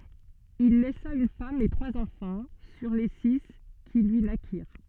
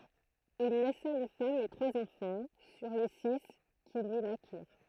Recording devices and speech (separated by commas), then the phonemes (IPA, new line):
soft in-ear microphone, throat microphone, read sentence
il lɛsa yn fam e tʁwaz ɑ̃fɑ̃ syʁ le si ki lyi nakiʁ